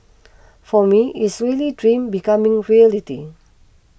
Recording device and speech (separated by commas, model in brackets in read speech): boundary microphone (BM630), read sentence